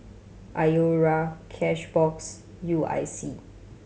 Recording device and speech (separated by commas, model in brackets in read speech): mobile phone (Samsung C7100), read sentence